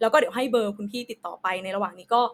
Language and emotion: Thai, neutral